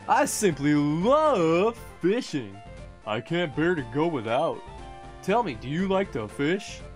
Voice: goofy voice